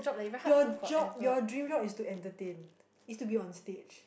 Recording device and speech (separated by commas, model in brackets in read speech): boundary microphone, conversation in the same room